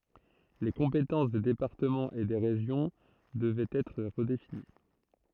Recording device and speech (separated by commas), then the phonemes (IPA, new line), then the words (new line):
throat microphone, read sentence
le kɔ̃petɑ̃s de depaʁtəmɑ̃z e de ʁeʒjɔ̃ dəvɛt ɛtʁ ʁədefini
Les compétences des départements et des régions devaient être redéfinies.